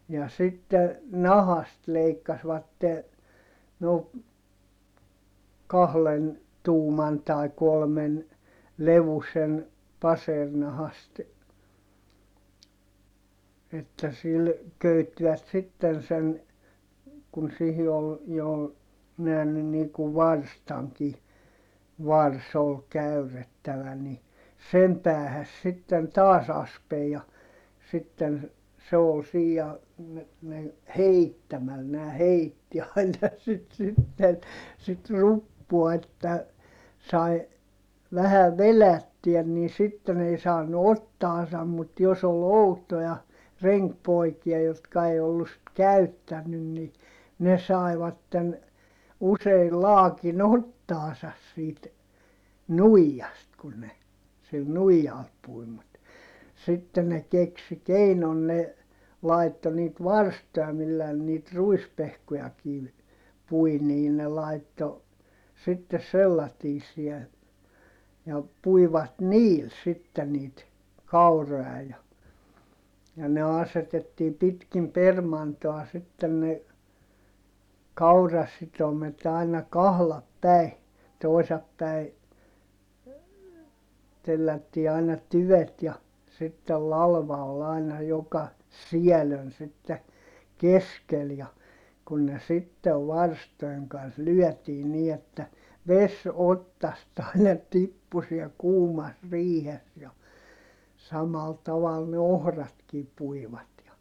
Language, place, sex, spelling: Finnish, Heinola, male, ja sitten nahasta leikkasivat no kahden tuuman tai kolmen levyisen passeerinahasta että sillä köyttivät sitten sen kun siihen oli jo myöhemmin niin kuin varstankin varsi oli käyrrettävä niin sen päähän siten taas aspen ja sitten se oli siinä ja - - heittämällä nämä heitti aina sitä sitten sitä ruppua että sai vähän vedettyä niin sitten ei saanut otsaansa mutta jos oli outoja renkipoikia jotka ei ollut sitten käyttänyt niin ne saivat usein laakin otsaansa siitä nuijasta kun ne sillä nuijalla pui mutta sitten ne keksi keinon ne laittoi niitä varstoja millä ne niitä ruispehkujakin pui niin ne laittoi sitten sellaisia ja puivat niillä sitten niitä kauroja ja ja ne asetettiin pitkin permantoa sitten ne kaurasitomet aina kahda päin toisa päin tellättiin aina tyvet ja sitten latva oli aina joka siellä on sitten keskellä ja kun ne sitten varstojen kanssa lyötiin niin että vesi otsasta aina tippui siellä kuumassa riihessä ja samalla tavalla ne ohratkin puivat ja
- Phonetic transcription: ja sitte , nahast leikkasvatte , noo , kahlen , tuuman tai̮ kolmen , levusen , pasernahast , että sil , köyttivät sitten sen , kun sihi ol , jo , (myöhemmin) niŋku varstaŋki , vars ‿ol käyrettävä ni , sem päähäs siten taas ‿aspej ja , sitten , se ol sii ja , me- , meŋ- , heittämäl nää heitti aina sit sitten , sit ruppua että , sai , vähä velättyä nii sitten ‿ei saanu ottaasam mut jos ‿ol outoja , reŋkpoikia jotka ei ollus sit käyttännyn ni , ne sài̮vatten , useil laakin ‿ottaasas siit , nuijjast kun ne , sil nuijal pui mut , sitte ne keksi keinon ne , laitto niit varstoja millää ne niit ruispehkojakiiv , pui nii ne laitto , sittes sellatiis̆siɛ , ja puivat niil sitte niit , kauro₍a ja , ja ne asetettii pitkim permantoa sitten ne , kaurasitomet ‿aina kahlap päi , toisap päi , tellättii aina tyvet ja , sittel lalva ol ‿aina joka , siälön sitte , keskel ja , kun ne sittev varstoeŋ kans lyɔ̈̀tii nii että , ves ottast aina tippu siɛl kuumas riihes ja , samal taval ne ohratkii puivat ja ,.

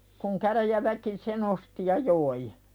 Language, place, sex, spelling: Finnish, Pälkäne, female, kun käräjäväki sen osti ja joi
- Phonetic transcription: kuŋ 'käräjäväki se"n ‿osti ja 'joi .

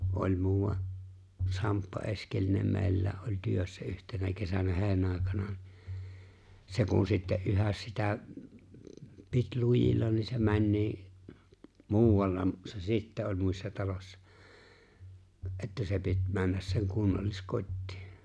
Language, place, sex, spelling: Finnish, Lapinlahti, male, oli muuan Samppa Eskelinen meillä oli työssä yhtenä kesänä heinäntekoaikana niin se kun sitten yhä sitä piti lujilla niin se meni muualla se sitten oli muissa talossa että se piti mennä sen kunnalliskotiin
- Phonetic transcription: '’oĺ 'muuwa’ , 'Samppa "’Eskelinem 'meeⁱlä̀e’ ’oĺ 'työssä 'yhtenä kesänä 'he̬e̬ⁱ(nᵃ̈₍àe)kana ni , 'se kun sitte '’yhäs sitä , 'pit "lujilla ni se 'mäńnii , 'muuwalla , se "sittä oĺ 'muissa 'talośsᴀ , '’että se 'pit 'männäs seŋ "kunnallis'kot́tɪɪ .

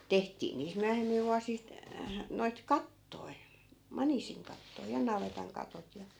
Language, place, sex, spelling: Finnish, Askola, female, tehtiin niistä myöhemmillä vuosista noita kattoja maniisinkattoja ja navetan katot ja
- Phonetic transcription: 'tehtii niist 'myähemmil 'vuasist , noit "kattoi̮ , "manisiŋkattoi ja "navetaŋ 'katot ja ,.

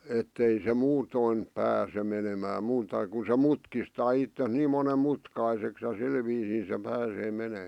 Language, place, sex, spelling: Finnish, Vihti, male, että ei se muuten pääse menemään muuta kun se mutkistaa itsensä niin monen mutkaiseksi ja sillä viisiin se pääsee menemään
- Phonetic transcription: 'ettei se "muutoin , 'pääse menemää 'muuta ku se "mutkistaa ittes 'niim monem "mutkaiseks ja 'sil viisii se pääsee menè .

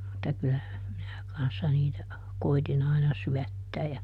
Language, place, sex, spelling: Finnish, Juupajoki, female, mutta kyllähän minä kanssa niitä koetin aina syöttää ja
- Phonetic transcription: [mut]ta ˈkylähäm minä ˈkanssa niitä , ˈkoitin ‿aina "syättää ja ,.

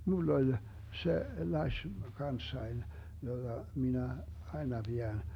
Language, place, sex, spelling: Finnish, Vermlanti, male, minulla oli se lasi kanssani jota minä aina pidän
- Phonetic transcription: 'mull ‿oĺ , 'se 'laś , 'kanssain , 'joDa , 'minä , 'aena 'Biän .

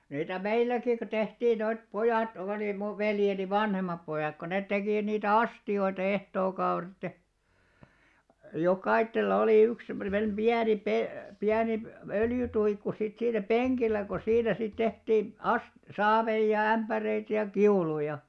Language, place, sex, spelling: Finnish, Alastaro, male, niitä meilläkin kun tehtiin noita pojat oli minun veljeni vanhemmat pojat kun ne teki niitä astioita ehtookaudet ja jokaisella oli yksi semmoinen pieni - - öljytuikku sitten siinä penkillä kun siinä sitten tehtiin - saaveja ja ämpäreitä ja kiuluja
- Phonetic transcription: 'niitä "meilläki kᵘ 'tehtii noit "pojàt òli muv 'veljeni "vanhemmap pojàk ko 'net tekì 'niitä "asti₍oita 'ehtookauret ja , 'jokaittella olì 'yks semmonem "ʙiäni 'pe- , 'piänip- , "öljytuikku sit 'siinä "peŋkillä ko 'siinä 'sit 'tehtii , "as- , "saaveij ja 'ämpäreit ja "kiuluja .

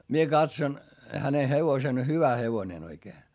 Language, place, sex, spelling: Finnish, Hietamäki, male, minä katsoin hänen hevosen hyvä hevonen oikein
- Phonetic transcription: mie katson , häne hevosen hyvä hevonen ‿oikee .

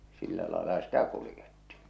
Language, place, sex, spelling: Finnish, Salla, male, sillä lailla sitä kuljettiin
- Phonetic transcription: sillä laela 'sitä kulⁱjettɪɪɴ .

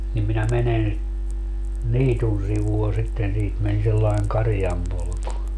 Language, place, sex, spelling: Finnish, Padasjoki, male, niin minä menen niityn sivua sitten siitä meni sellainen karjanpolku
- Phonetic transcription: nim minä 'menen , "niitun sivua 'sitten - siit men sellaiŋ "karⁱjampolku .

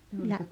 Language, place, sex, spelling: Finnish, Rautalampi, female, ja
- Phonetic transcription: ja ,.

